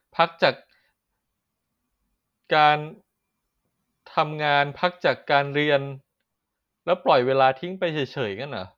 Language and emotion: Thai, frustrated